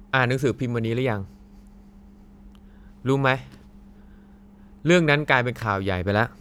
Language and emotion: Thai, frustrated